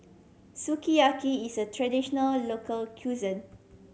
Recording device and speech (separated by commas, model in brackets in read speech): mobile phone (Samsung C7100), read sentence